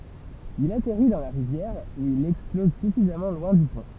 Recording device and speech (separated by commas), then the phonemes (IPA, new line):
temple vibration pickup, read sentence
il atɛʁi dɑ̃ la ʁivjɛʁ u il ɛksplɔz syfizamɑ̃ lwɛ̃ dy pɔ̃